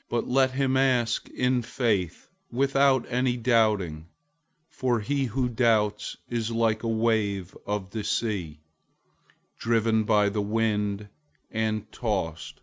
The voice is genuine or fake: genuine